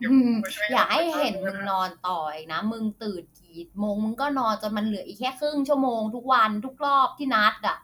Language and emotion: Thai, frustrated